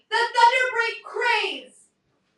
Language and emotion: English, neutral